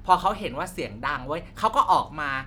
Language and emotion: Thai, neutral